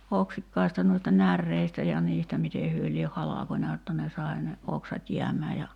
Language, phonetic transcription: Finnish, 'oksikkaista nuista "närreistä ja 'niistä 'mite hyö lieh "halakońa jotta ne sai̬ ne , 'oksat 'jiäm̀ää ja ,.
- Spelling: oksikkaista noista näreistä ja niistä miten he lie halkonut jotta ne sai ne oksat jäämään ja

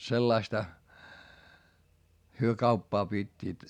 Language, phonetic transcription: Finnish, sellaista , hyö kauppaa pit́t́iit .
- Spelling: sellaista he kauppaa pitivät

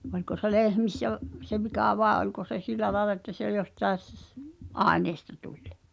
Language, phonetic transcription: Finnish, oĺko se "lehmissä v- , se 'vikà vàe ’oĺko se "sìlä laĕla että se jostaes ss- , "’aeneesta 'tuĺ .
- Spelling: oliko se lehmissä - se vika vai oliko se sillä lailla että se jostakin - aineesta tuli

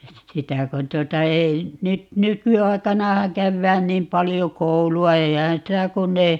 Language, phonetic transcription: Finnish, 'sitä kon 'tuota ei , 'nyt "nyky₍ai̮kanahaŋ 'kävvään 'niim "palijo "koulu₍a - 'eihää̰ sitä 'kunn ‿ei ,.
- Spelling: sitä kun tuota ei nyt nykyaikanahan käydään niin paljon koulua eihän sitä kun ei

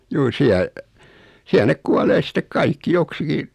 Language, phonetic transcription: Finnish, juu 'siäˡ , siäl 'nek "kualee sit̀ek "kaikki 'joksiki ,.
- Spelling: juu siellä siellä ne kuolee sitten kaikki joksikin

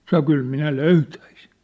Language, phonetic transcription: Finnish, sano » 'kyl 'minä "löytäisin̬ . «
- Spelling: sanoi kyllä minä löytäisin

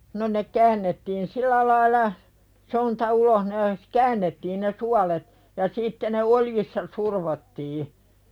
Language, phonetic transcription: Finnish, no ne 'käännettiin "sil̆lä laila , 'sonta "uloh ne , "käännettiin ne 'sualet , ja 'sitte ne "oljissa survottii .
- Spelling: no ne käännettiin sillä lailla sonta ulos ne käännettiin ne suolet ja sitten ne oljissa survottiin

